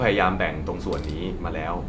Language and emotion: Thai, neutral